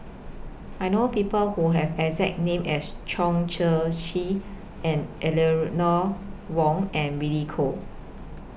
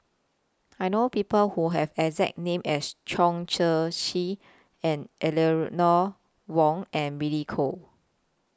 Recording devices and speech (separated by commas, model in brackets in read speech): boundary microphone (BM630), close-talking microphone (WH20), read sentence